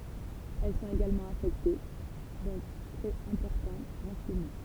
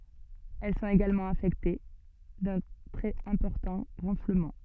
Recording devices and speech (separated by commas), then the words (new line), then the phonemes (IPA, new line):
temple vibration pickup, soft in-ear microphone, read sentence
Elles sont également affectées d'un très important renflement.
ɛl sɔ̃t eɡalmɑ̃ afɛkte dœ̃ tʁɛz ɛ̃pɔʁtɑ̃ ʁɑ̃fləmɑ̃